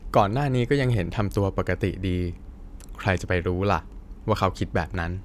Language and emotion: Thai, neutral